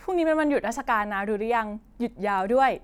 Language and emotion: Thai, happy